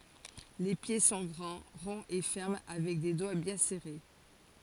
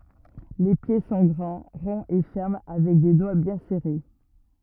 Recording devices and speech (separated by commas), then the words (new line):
forehead accelerometer, rigid in-ear microphone, read sentence
Les pieds sont grands, ronds et fermes avec des doigts bien serrés.